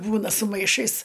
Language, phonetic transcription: Lithuanian, ˈbūna su maiˈšais

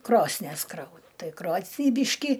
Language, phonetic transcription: Lithuanian, ˈkrosnies ˈkrau ˈtai ˈkrosnį ˈbyški

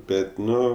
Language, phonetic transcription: Lithuanian, ˈbet ˈnu

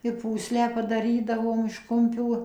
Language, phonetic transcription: Lithuanian, i ˈpūslę padaˈrydavom iš ˈkumpių

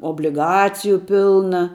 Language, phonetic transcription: Lithuanian, obliˈgaciju ˈpilna

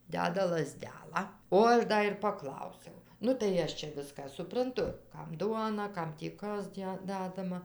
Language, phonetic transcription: Lithuanian, ˈdeda laˈzdelą o ˈaš ˈda ir paˈklausiau nu tai ˈaš čia ˈviską supranˈtu ˈkam ˈduona ˈkam tį ˈkas ˈdæ ˈdadama

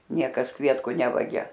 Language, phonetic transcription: Lithuanian, ˈniekas ˈkvietku ˈnevagia

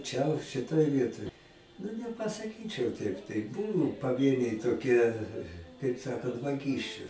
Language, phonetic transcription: Lithuanian, čia šiˈtoj ˈvietoj nu nepasaˈkyčiau ˈteip tai ˈbuvu paˈvieniai toˈkie kaip ˈsakant vaˈgysčiu

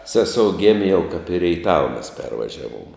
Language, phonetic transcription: Lithuanian, ˈseˌsou ˈgėmė jau kap i reiˈtava mes ˈpervažiavom

